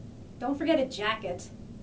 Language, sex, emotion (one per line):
English
female
neutral